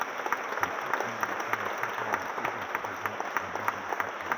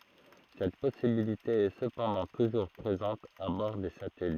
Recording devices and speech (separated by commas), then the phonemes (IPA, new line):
rigid in-ear microphone, throat microphone, read sentence
sɛt pɔsibilite ɛ səpɑ̃dɑ̃ tuʒuʁ pʁezɑ̃t a bɔʁ de satɛlit